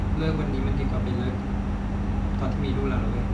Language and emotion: Thai, sad